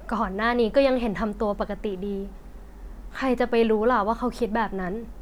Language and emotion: Thai, frustrated